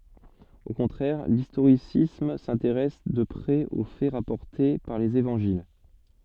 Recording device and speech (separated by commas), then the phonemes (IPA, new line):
soft in-ear microphone, read sentence
o kɔ̃tʁɛʁ listoʁisism sɛ̃teʁɛs də pʁɛz o fɛ ʁapɔʁte paʁ lez evɑ̃ʒil